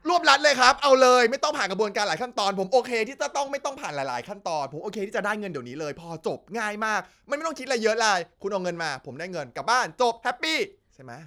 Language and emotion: Thai, angry